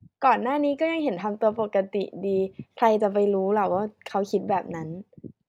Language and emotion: Thai, neutral